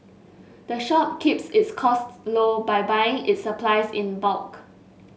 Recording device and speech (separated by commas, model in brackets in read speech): mobile phone (Samsung S8), read sentence